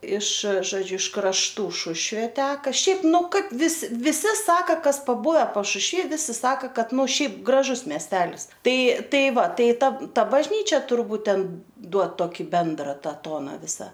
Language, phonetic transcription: Lithuanian, iš žoˈdžiu iš krašˈtų ˈšušvė ˈteka ˈšiaip ˈnu kad ˈvis viˈsi ˈsaka ˈkas paˈbuve pašušˈvy ˈvisi ˈsaka ˈkad ˈnu ˈšiaip graˈžus miesˈtelis ˈtai ˈtai ˈva ˈtai ˈta ˈta bažˈnyčia turˈbūt ˈten ˈduod toˈkį ˈbendra ˈta ˈtona ˈvisa

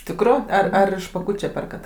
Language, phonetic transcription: Lithuanian, ˈtikru ar ˈar iš paˈkūče ˈperkat

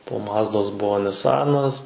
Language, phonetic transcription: Lithuanian, po ˈmazdos ˈbuo niˈsanas

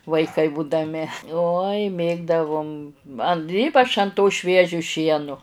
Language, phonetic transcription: Lithuanian, vaiˈkai būdaˈmi uoj ˈmėgdavum an ˈypač an to ˈšviežio ˈšienu

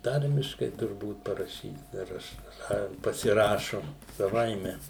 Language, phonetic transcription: Lithuanian, ˈtarmiškai turˈbūt paraˈšyt dar ˈaš ˈna pasiˈrašu saˈvaime

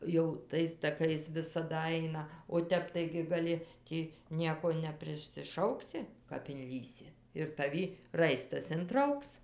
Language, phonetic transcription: Lithuanian, jau ˈtais taˈkais visaˈda ˈaina o ˈtep ˈtaigi gaˈli ˈtį ˈnieko neprisiˈšauksi kap inˈlįsi ir taˈvi ˈraistas inˈtrauks

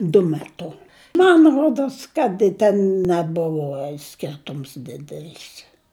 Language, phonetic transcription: Lithuanian, du meˈtu man ˈruodos kad i ˈten neˈbuvo ˈskirtums ˈdidelis

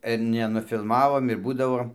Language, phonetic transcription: Lithuanian, ir nenufilˈmavom ir ˈbūdavo

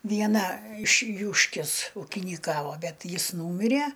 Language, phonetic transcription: Lithuanian, vieˈna iš ˈjūškis ūkynyˈkavo ˈbet ˈjis ˈnūmire

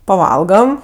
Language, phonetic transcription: Lithuanian, paˈvalgam

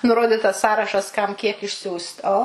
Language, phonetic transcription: Lithuanian, nuˈroditas ˈsąrašas ˈkam ˈkiek išˈsiųst ˈo

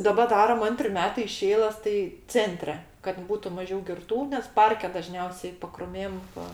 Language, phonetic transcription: Lithuanian, daˈba ˈdaram ˈantri ˈmetai iš ˈeiləs tai ˈcentre kad ˈbūtu maˈžiau girˈtų nes ˈparke daˈžniausiai pakruˈmėm ˈva

